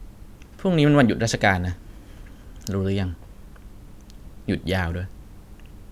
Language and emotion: Thai, frustrated